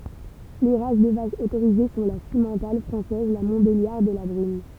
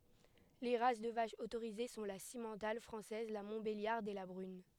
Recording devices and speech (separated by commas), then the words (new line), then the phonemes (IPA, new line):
temple vibration pickup, headset microphone, read sentence
Les races de vaches autorisées sont la simmental française, la montbéliarde et la brune.
le ʁas də vaʃz otoʁize sɔ̃ la simmɑ̃tal fʁɑ̃sɛz la mɔ̃tbeljaʁd e la bʁyn